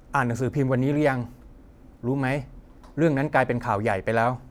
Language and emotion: Thai, neutral